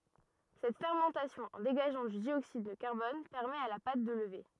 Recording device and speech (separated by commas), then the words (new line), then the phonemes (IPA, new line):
rigid in-ear microphone, read sentence
Cette fermentation, en dégageant du dioxyde de carbone, permet à la pâte de lever.
sɛt fɛʁmɑ̃tasjɔ̃ ɑ̃ deɡaʒɑ̃ dy djoksid də kaʁbɔn pɛʁmɛt a la pat də ləve